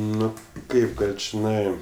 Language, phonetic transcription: Lithuanian, ˈnu ˈkaip ˈgal' čiˈnai

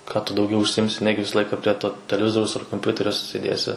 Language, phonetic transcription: Lithuanian, ką tu dauˈgiau užsiˈjimsi ˈnegi ˈvisa ˈlaika prie to teleˈvizoriaus ar komˈpiuterio sėˈdėsi

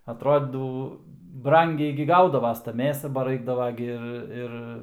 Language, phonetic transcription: Lithuanian, atˈrodydav ˈbrangiai gi ˈgaudavas ta ˈmėsa ba ˈraikdava gi ˈir ˈir

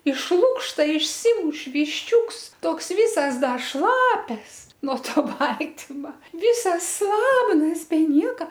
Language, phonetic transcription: Lithuanian, iš ˈlukšta išˈsymuš višˈčiūks ˈtoks ˈvysas ˈda ˈšlapias nuo ˈto ˈbaltima ˈvysas ˈslabnas be ˈnieka

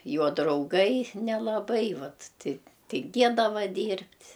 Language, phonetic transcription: Lithuanian, ˈjo drauˈgai nelaˈbai ˈvat ti tinˈgėdava ˈdyrbt'

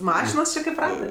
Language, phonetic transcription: Lithuanian, ˈmašinos či kaip ˈratɜ

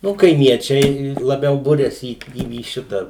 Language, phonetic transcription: Lithuanian, ˈnu kaiˈmiečiai laˈbiau ˈburiasi į į ˈšitą

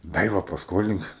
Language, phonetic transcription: Lithuanian, ˈdaiva pasˈkolink

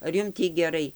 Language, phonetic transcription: Lithuanian, ar ˈjum ˈtį geˈrai

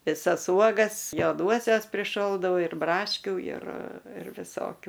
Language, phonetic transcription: Lithuanian, viˈsas ˈuogas joˈduosias priˈšoldau ir brašˈkiu ir ir viˈsokiu

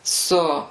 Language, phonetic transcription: Lithuanian, ˈsu

